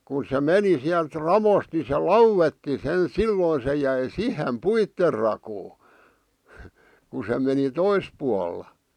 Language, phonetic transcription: Finnish, kun̬ se "meni siält "ravost ni se "lauwetti sen "silloi se jäi "sihem "puitter rakoo , , ku se meni "tois pualla .
- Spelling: kun se meni sieltä raosta niin se lauetti sen silloin se jäi siihen puiden rakoon kun se meni toisella puolella

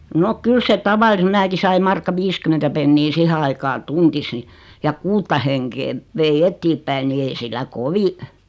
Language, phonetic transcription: Finnish, 'nok "kyl se 'taval(ise) 'mⁱnäki saim 'markka "viiskym̆mentä pennii 'sihe aikaa "tuntis (ni) , ja 'kuutta heŋkeev , 'vei "ettiippäi ni 'ei sillä "kovi ,.
- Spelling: no kyllä se tavallisen minäkin sain markka viisikymmentä penniä siihen aikaa tunnissa niin ja kuutta henkeä vein eteenpäin niin ei sillä kovin

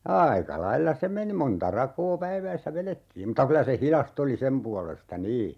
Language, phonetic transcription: Finnish, "aaika 'lailla "se meni 'monta 'rakoo 'päiväissä "velettiim muta 'kylä se "hilas't ‿oli 'sem pualesta "nii .
- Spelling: aika lailla se meni monta rakoa päivässä vedettiin mutta kyllä se hidasta oli sen puolesta niin

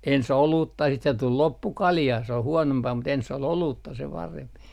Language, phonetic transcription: Finnish, ens "oluutta siit se tul 'loppu "kaljaa , se oh 'huonompaa mut enss ‿ol "oluutta se 'paremp .
- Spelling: ensin olutta sitten se tuli loppu kaljaa se on huonompaa mutta ensin oli olutta se parempi

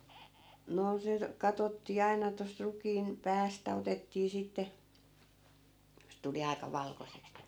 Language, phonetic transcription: Finnish, 'noo se , 'katottii 'ai̮na tost 'rukiin , "päästä otettii 'sitte , sᵉ tuli 'ai̮ka 'valkoseks (ni) .
- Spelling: no se katsottiin aina tuosta rukiin päästä otettiin sitten se tuli aika valkoiseksi niin

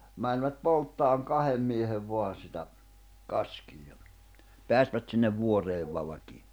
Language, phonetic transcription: Finnish, mäńvät 'polttaaŋ "kahem miehev 'voan̬ sitä , 'kaskii ja , 'peästvät sinnev 'vuoreev 'valakii .
- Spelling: menivät polttamaan kahden miehen vain sitä kaskea ja päästivät sinne vuoreen valkean

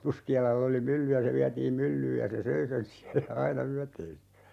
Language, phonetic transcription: Finnish, 'Puski₍alal"l ‿oli 'mylly ja se 'viätiim "myllyyj 'ja se "söi sen ('siällä) 'aina "yäteessä .
- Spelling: Puskialalla oli mylly ja se vietiin myllyyn ja se söi sen siellä aina yöteessä

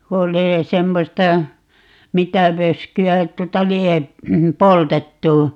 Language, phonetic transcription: Finnish, ku 'oli , 'semmosta , "mitä 'vösky₍ä 'tuota "lie , "poltettu .
- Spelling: kun oli semmoista mitä vöskyä tuota lie poltettu

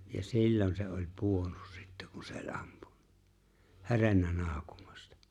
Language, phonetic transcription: Finnish, ja "sil̜lon se ‿oĺ 'puonnᴜs sɪttᴀ̈ kuɴ sᴇ ‿ᴏ͕̆ʟ́ '’ᴀᴍpᴜɴ(ɴᴀ) , "he̬rennä 'naaᵒkᴜᴍᴀstᴀ .
- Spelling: ja silloin se oli pudonnut sitten kun se oli ampunut herennyt naukumasta

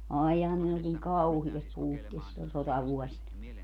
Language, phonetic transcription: Finnish, 'àijjàe kun ne oĺ niŋ "kauhias 'puuttees siĺlon̬ 'sotavuɔsina .
- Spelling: aijai kun ne oli niin kauheassa puutteessa silloin sotavuosina

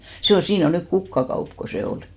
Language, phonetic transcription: Finnish, se on , 'siin ‿o 'nyk "kukkakaup ko se 'ol .
- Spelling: se on siinä on nyt kukkakauppa kun se oli

